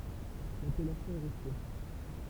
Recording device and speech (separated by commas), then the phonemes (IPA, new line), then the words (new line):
temple vibration pickup, read sentence
lapɛlasjɔ̃ ɛ ʁɛste
L'appellation est restée.